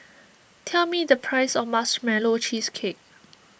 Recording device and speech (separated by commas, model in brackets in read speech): boundary microphone (BM630), read sentence